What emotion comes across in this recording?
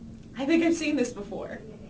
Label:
happy